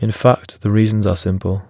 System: none